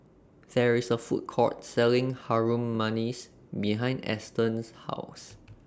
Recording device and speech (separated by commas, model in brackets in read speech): standing microphone (AKG C214), read sentence